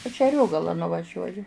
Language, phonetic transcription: Lithuanian, aš i aˈriogalą nuvaˈžiuoju

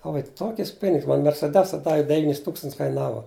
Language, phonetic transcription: Lithuanian, o va i ˈtokis ˈpinigs man merseˈdesa ˈdavi deˈvynis ˈtūkstants kaiˈnava

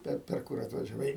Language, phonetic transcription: Lithuanian, ˈper per ˈkur atvažiaˈvai

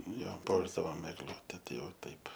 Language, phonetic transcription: Lithuanian, ˈjo ˈpuošdavom egˈlute ˈtai ˈjau ˈtaip

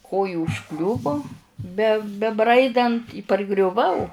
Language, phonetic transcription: Lithuanian, ˈkoju užˈkliuvu be beˈbraidant i pargriuˈvau

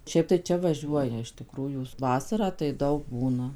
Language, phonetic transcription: Lithuanian, ˈšiaip tai ˈčia vaˈžiuoja iš tiˈkrųjų ˈvasarą tai ˈdaug ˈbūna

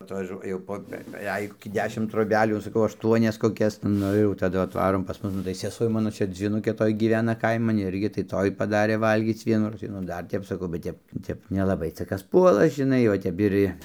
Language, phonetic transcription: Lithuanian, atvaˈžuo jau ˈpo beˈveik koˈkį ˈdešim troˈbelių saˈkau ašˈtuonias koˈkias ˈnu ir jau taˈdu atˈvarom pas ˈmus nu tai seˈsuo ˈmano ˈčia dzvyˈnukė ˈtoj gyˈvena ˈkaiman ˈirgi tai ˈtoj paˈdarė ˈvalgyc ˈvienųroz tai nu ˈdar ˈtep saˈkau bet ˈtep ˈtep nelaˈbai ˈca ˈkas ˈpuola žiˈnai o ˈtep ir i

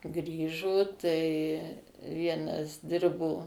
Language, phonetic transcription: Lithuanian, ˈgrįžo ˈtai ˈvienas ˈdirbo

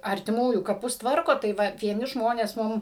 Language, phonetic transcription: Lithuanian, artiˈmųjų kaˈpus ˈtvarko tai ˈva vieˈni ˈžmonės ˈmum

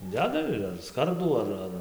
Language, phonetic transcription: Lithuanian, ˈdeda ir ar ˈskardų ar ˈar

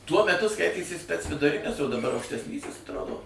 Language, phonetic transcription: Lithuanian, tuo meˈtu ˈskaitėsi spec viduˈrinis o daˈbar aukštesˈnysis atˈrodo

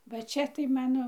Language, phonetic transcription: Lithuanian, va ˈčia tai ˈmano

